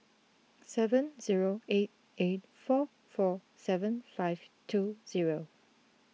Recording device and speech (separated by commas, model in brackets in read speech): mobile phone (iPhone 6), read sentence